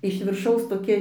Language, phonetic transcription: Lithuanian, iš virˈšaus toˈkia

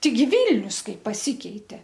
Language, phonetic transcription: Lithuanian, ˈteiˈgi ˈvylnius ˈkaip paˈsykeite

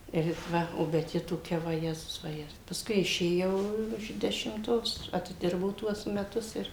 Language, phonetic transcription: Lithuanian, ir it ˈva o bet ˈji toˈkia vaˈjezus vaˈje pasˈkui išėˈjau iš dešimˈtos atiˈdirbau ˈtuos meˈtus ir

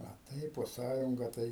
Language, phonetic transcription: Lithuanian, a ˈtaip po ˈsąjunga ˈtai

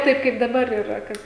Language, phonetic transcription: Lithuanian, ˈtaip kaip daˈbar iˈ ra ˈkad

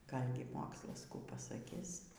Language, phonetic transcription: Lithuanian, ˈgalgi ˈmokslas ˈkų pasaˈkis

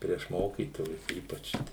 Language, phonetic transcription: Lithuanian, prieš ˈmokytojus ˈypač

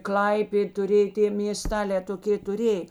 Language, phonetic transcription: Lithuanian, ˈklaipėd tuˈrė i tė mėˈstalē toˈkė tuˈrėj

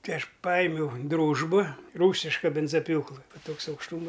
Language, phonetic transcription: Lithuanian, ˈtaiˈ aš ˈpaimiauˈdrūžba ˈrūsiška ˈbinzaˈpjūklɨ ˈva ˈtoks aukšˈtūma

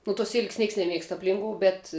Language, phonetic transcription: Lithuanian, nu tuos ˈsilk's' ˈnieks neˈmiegst apˈlinkou bet

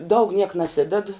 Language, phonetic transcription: Lithuanian, daug niek naˈsided

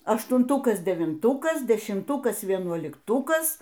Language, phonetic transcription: Lithuanian, aštunˈtukas devinˈtukas dešimˈtukas vienuolikˈtukas

